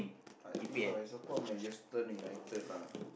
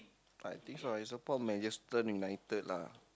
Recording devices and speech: boundary microphone, close-talking microphone, conversation in the same room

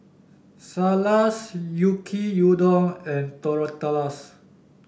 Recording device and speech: boundary microphone (BM630), read sentence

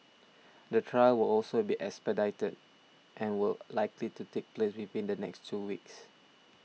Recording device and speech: mobile phone (iPhone 6), read sentence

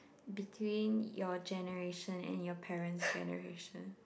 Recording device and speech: boundary microphone, conversation in the same room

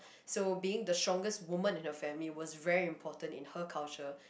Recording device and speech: boundary microphone, conversation in the same room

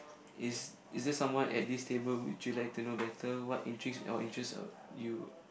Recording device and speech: boundary microphone, conversation in the same room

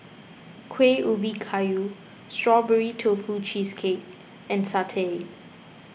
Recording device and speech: boundary microphone (BM630), read sentence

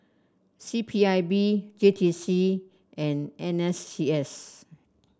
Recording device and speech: standing microphone (AKG C214), read sentence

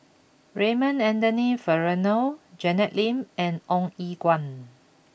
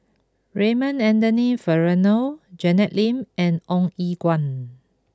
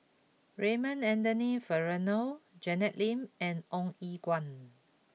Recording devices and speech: boundary microphone (BM630), close-talking microphone (WH20), mobile phone (iPhone 6), read sentence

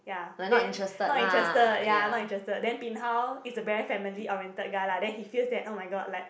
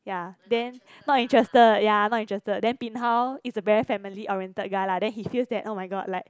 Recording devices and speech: boundary microphone, close-talking microphone, conversation in the same room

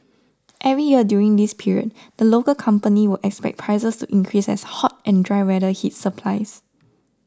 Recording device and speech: standing microphone (AKG C214), read sentence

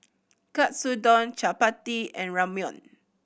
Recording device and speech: boundary microphone (BM630), read sentence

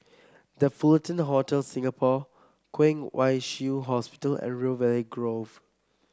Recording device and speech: close-talking microphone (WH30), read sentence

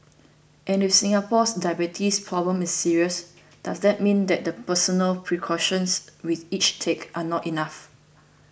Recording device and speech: boundary microphone (BM630), read sentence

